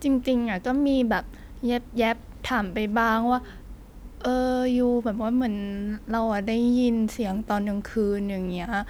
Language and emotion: Thai, frustrated